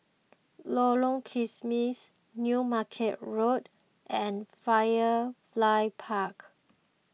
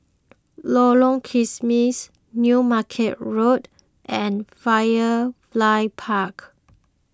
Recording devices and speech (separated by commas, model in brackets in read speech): mobile phone (iPhone 6), close-talking microphone (WH20), read sentence